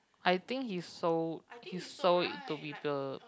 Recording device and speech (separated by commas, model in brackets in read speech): close-talking microphone, conversation in the same room